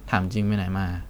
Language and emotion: Thai, frustrated